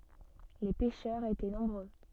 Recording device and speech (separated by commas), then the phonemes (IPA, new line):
soft in-ear microphone, read sentence
le pɛʃœʁz etɛ nɔ̃bʁø